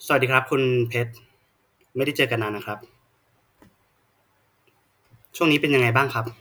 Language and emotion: Thai, neutral